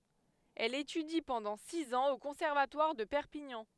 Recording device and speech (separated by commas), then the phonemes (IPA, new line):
headset microphone, read sentence
ɛl etydi pɑ̃dɑ̃ siz ɑ̃z o kɔ̃sɛʁvatwaʁ də pɛʁpiɲɑ̃